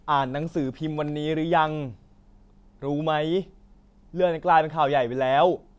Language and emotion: Thai, frustrated